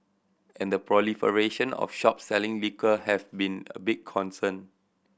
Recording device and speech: boundary microphone (BM630), read sentence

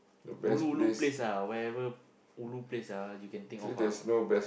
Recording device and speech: boundary microphone, conversation in the same room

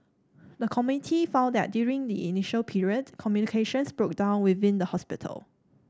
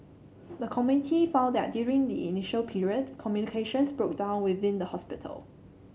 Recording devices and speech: standing microphone (AKG C214), mobile phone (Samsung C7), read sentence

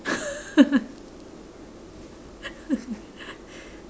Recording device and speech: standing microphone, conversation in separate rooms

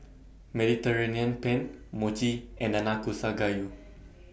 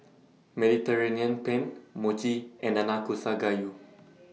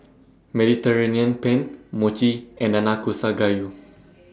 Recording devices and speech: boundary microphone (BM630), mobile phone (iPhone 6), standing microphone (AKG C214), read sentence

